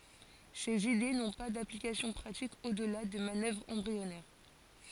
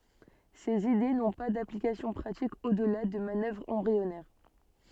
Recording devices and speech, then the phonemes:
forehead accelerometer, soft in-ear microphone, read sentence
sez ide nɔ̃ pa daplikasjɔ̃ pʁatik odla də manœvʁz ɑ̃bʁiɔnɛʁ

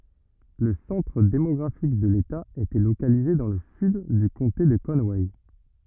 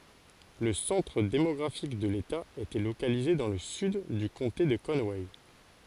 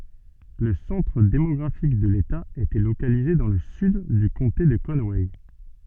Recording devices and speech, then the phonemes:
rigid in-ear microphone, forehead accelerometer, soft in-ear microphone, read sentence
lə sɑ̃tʁ demɔɡʁafik də leta etɛ lokalize dɑ̃ lə syd dy kɔ̃te də kɔnwɛ

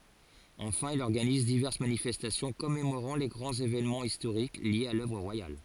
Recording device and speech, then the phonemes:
forehead accelerometer, read sentence
ɑ̃fɛ̃ il ɔʁɡaniz divɛʁs manifɛstasjɔ̃ kɔmemoʁɑ̃ le ɡʁɑ̃z evenmɑ̃z istoʁik ljez a lœvʁ ʁwajal

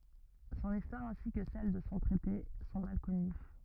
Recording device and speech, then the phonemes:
rigid in-ear microphone, read sentence
sɔ̃n istwaʁ ɛ̃si kə sɛl də sɔ̃ tʁɛte sɔ̃ mal kɔny

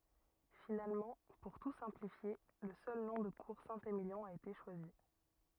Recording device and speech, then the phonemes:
rigid in-ear microphone, read sentence
finalmɑ̃ puʁ tu sɛ̃plifje lə sœl nɔ̃ də kuʁ sɛ̃temiljɔ̃ a ete ʃwazi

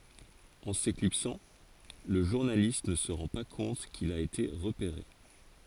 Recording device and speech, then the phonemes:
forehead accelerometer, read sentence
ɑ̃ seklipsɑ̃ lə ʒuʁnalist nə sə ʁɑ̃ pa kɔ̃t kil a ete ʁəpeʁe

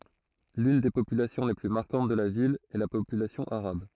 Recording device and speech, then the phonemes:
throat microphone, read sentence
lyn de popylasjɔ̃ le ply maʁkɑ̃t də la vil ɛ la popylasjɔ̃ aʁab

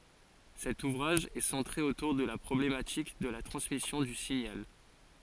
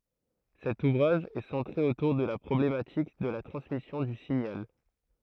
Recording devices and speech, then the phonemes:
forehead accelerometer, throat microphone, read sentence
sɛt uvʁaʒ ɛ sɑ̃tʁe otuʁ də la pʁɔblematik də la tʁɑ̃smisjɔ̃ dy siɲal

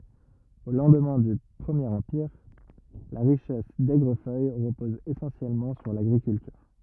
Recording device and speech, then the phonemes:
rigid in-ear microphone, read sentence
o lɑ̃dmɛ̃ dy pʁəmjeʁ ɑ̃piʁ la ʁiʃɛs dɛɡʁəfœj ʁəpɔz esɑ̃sjɛlmɑ̃ syʁ laɡʁikyltyʁ

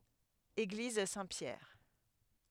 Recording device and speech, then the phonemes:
headset microphone, read sentence
eɡliz sɛ̃tpjɛʁ

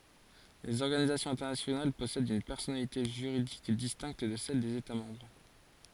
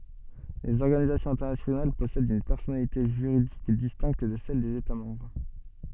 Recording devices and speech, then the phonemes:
forehead accelerometer, soft in-ear microphone, read sentence
lez ɔʁɡanizasjɔ̃z ɛ̃tɛʁnasjonal pɔsɛdt yn pɛʁsɔnalite ʒyʁidik distɛ̃kt də sɛl dez eta mɑ̃bʁ

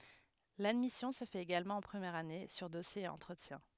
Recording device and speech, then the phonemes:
headset microphone, read sentence
ladmisjɔ̃ sə fɛt eɡalmɑ̃ ɑ̃ pʁəmjɛʁ ane syʁ dɔsje e ɑ̃tʁətjɛ̃

